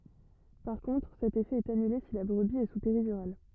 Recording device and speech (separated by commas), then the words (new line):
rigid in-ear microphone, read sentence
Par contre, cet effet est annulé si la brebis est sous péridurale.